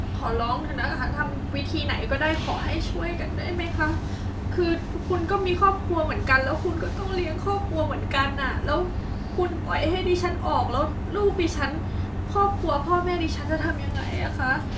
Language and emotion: Thai, sad